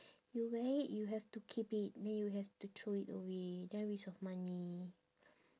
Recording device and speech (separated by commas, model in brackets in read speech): standing microphone, conversation in separate rooms